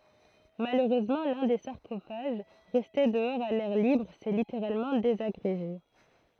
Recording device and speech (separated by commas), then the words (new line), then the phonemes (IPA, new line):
throat microphone, read sentence
Malheureusement, l'un des sarcophages, resté dehors à l'air libre, s'est littéralement désagrégé.
maløʁøzmɑ̃ lœ̃ de saʁkofaʒ ʁɛste dəɔʁz a lɛʁ libʁ sɛ liteʁalmɑ̃ dezaɡʁeʒe